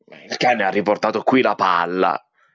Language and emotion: Italian, angry